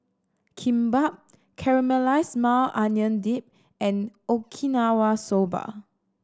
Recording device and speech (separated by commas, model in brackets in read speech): standing microphone (AKG C214), read sentence